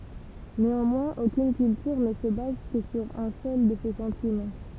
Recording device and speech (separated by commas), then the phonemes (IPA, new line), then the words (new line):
temple vibration pickup, read sentence
neɑ̃mwɛ̃z okyn kyltyʁ nə sə baz kə syʁ œ̃ sœl də se sɑ̃timɑ̃
Néanmoins aucune culture ne se base que sur un seul de ces sentiments.